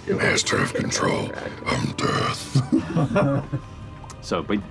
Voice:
deeply